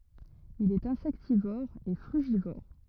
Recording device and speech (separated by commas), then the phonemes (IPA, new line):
rigid in-ear microphone, read sentence
il ɛt ɛ̃sɛktivɔʁ e fʁyʒivɔʁ